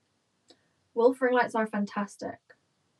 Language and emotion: English, disgusted